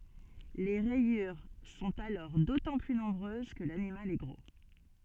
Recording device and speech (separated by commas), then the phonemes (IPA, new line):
soft in-ear microphone, read sentence
le ʁɛjyʁ sɔ̃t alɔʁ dotɑ̃ ply nɔ̃bʁøz kə lanimal ɛ ɡʁo